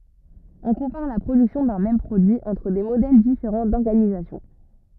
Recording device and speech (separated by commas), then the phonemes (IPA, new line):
rigid in-ear microphone, read sentence
ɔ̃ kɔ̃paʁ la pʁodyksjɔ̃ dœ̃ mɛm pʁodyi ɑ̃tʁ de modɛl difeʁɑ̃ dɔʁɡanizasjɔ̃